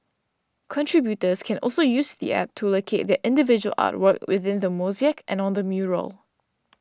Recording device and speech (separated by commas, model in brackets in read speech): standing microphone (AKG C214), read sentence